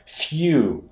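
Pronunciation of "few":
In 'few', the f is pronounced as a soft consonant.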